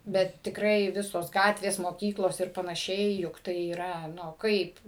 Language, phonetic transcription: Lithuanian, ˈbet tikˈrai ˈvisos ˈgatvės moˈkyklos ir panaˈšiai juk ˈtai yˈra nu ˈkaip

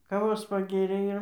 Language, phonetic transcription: Lithuanian, kaˈvos paˈgėrė ir

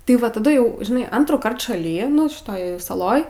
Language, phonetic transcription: Lithuanian, ti ˈva taˈdu jau žiˈnai ˈantrųˌkart šaˈly nu šiˈtoj saˈloj

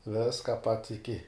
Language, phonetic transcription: Lithuanian, ˈviska pats iˈki

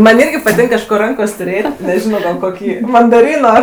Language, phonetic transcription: Lithuanian, ˈman' ˈirgi paˈtink kažˈko ˈrankos' tuˈrėt' neˈžino gal ˈkokį mandaˈryno

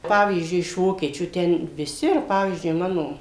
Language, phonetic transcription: Lithuanian, ˈpavyzdžiui iš ˈvokiečių ˈten viˈsi ir ˈpavyzdžiui ˈmano

